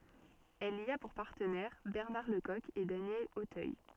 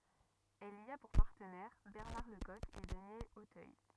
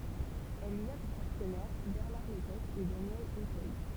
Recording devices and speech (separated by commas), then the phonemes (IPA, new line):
soft in-ear microphone, rigid in-ear microphone, temple vibration pickup, read sentence
ɛl i a puʁ paʁtənɛʁ bɛʁnaʁ lə kɔk e danjɛl otœj